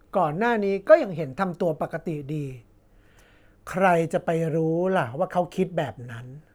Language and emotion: Thai, frustrated